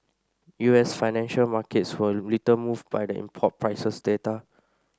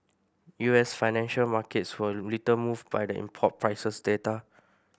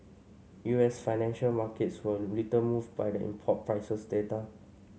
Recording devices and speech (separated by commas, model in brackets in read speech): standing microphone (AKG C214), boundary microphone (BM630), mobile phone (Samsung C5), read sentence